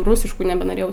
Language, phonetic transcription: Lithuanian, ˈrūsišku nebenoˈrėjau

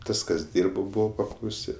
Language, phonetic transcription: Lithuanian, ˈtas kas ˈdyrbo ˈbūvo paklauˈsi

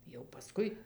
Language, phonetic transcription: Lithuanian, jau paˈskui

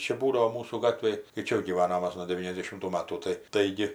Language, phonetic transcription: Lithuanian, ˈčia ˈbūdavo ˈmūsų ˈgatvėj tai ˈčia jau gyˈvanom ˈmas jau nuo deˈvyniasdešimtų ˈmatų ˈtai ˈtaigi

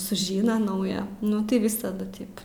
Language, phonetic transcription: Lithuanian, suˈžyna ˈnauja ˈnu tai ˈvisadu ˈtip

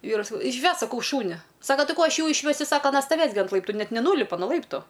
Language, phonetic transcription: Lithuanian, ˈvyrui saˈkau išˈvesk saˈkau ˈšūni ˈsaka ˈtai ˈko ˈaš ˈjų išˈvesiu ˈsaka aˈna staˈvės gi ant ˈlaiptu ˈnet neˈnūlipa no ˈlaiptu

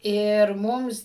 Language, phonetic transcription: Lithuanian, ir ˈmums

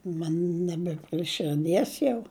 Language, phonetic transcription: Lithuanian, ˈman ˈnebe prie širˈdies jau

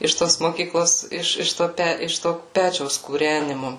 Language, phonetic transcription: Lithuanian, iš ˈtos moˈkyklos ˈiš iš ˈto ˈpæ iš to ˈpečiaus kūrænimu

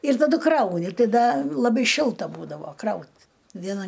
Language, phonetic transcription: Lithuanian, ir taˈdu ˈkrauni ˈtai ˈda laˈbai ˈšilta ˈbūdavo ˈkraut vieˈna

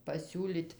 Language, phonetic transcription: Lithuanian, pasiūˈlyt

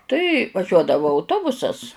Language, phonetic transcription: Lithuanian, ˈtai vaˈžiuodavu auˈtobusas

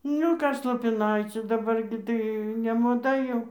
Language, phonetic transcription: Lithuanian, ˈniu ˈkas lopiˈnaiciu daˈbar gi tai nemoˈda jau

